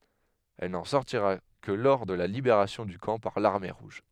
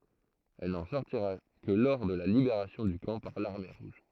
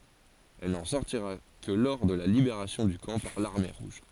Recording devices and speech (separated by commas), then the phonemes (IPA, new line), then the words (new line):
headset microphone, throat microphone, forehead accelerometer, read sentence
ɛl nɑ̃ sɔʁtiʁa kə lə lɔʁ də la libeʁasjɔ̃ dy kɑ̃ paʁ laʁme ʁuʒ
Elle n'en sortira que le lors de la libération du camp par l'Armée rouge.